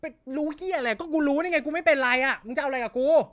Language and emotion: Thai, angry